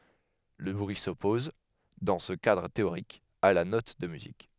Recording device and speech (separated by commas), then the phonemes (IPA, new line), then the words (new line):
headset microphone, read sentence
lə bʁyi sɔpɔz dɑ̃ sə kadʁ teoʁik a la nɔt də myzik
Le bruit s'oppose, dans ce cadre théorique, à la note de musique.